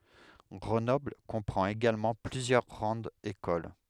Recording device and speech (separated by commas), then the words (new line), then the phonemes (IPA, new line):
headset microphone, read sentence
Grenoble comprend également plusieurs grandes écoles.
ɡʁənɔbl kɔ̃pʁɑ̃t eɡalmɑ̃ plyzjœʁ ɡʁɑ̃dz ekol